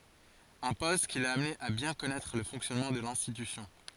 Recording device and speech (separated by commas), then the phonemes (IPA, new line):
forehead accelerometer, read sentence
œ̃ pɔst ki la amne a bjɛ̃ kɔnɛtʁ lə fɔ̃ksjɔnmɑ̃ də lɛ̃stitysjɔ̃